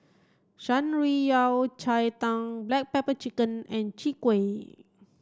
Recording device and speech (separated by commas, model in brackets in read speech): standing microphone (AKG C214), read sentence